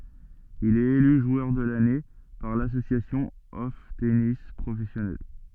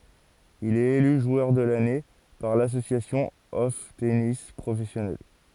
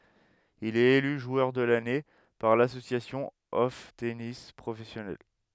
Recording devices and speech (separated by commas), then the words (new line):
soft in-ear microphone, forehead accelerometer, headset microphone, read sentence
Il est élu joueur de l'année par l'Association of Tennis Professionals.